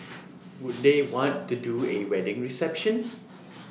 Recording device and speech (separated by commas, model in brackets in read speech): mobile phone (iPhone 6), read sentence